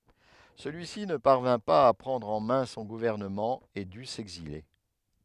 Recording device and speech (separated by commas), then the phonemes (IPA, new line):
headset microphone, read sentence
səlyi si nə paʁvɛ̃ paz a pʁɑ̃dʁ ɑ̃ mɛ̃ sɔ̃ ɡuvɛʁnəmɑ̃ e dy sɛɡzile